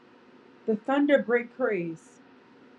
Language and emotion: English, sad